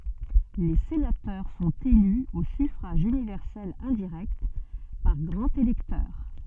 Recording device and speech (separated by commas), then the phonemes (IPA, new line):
soft in-ear microphone, read sentence
le senatœʁ sɔ̃t ely o syfʁaʒ ynivɛʁsɛl ɛ̃diʁɛkt paʁ ɡʁɑ̃z elɛktœʁ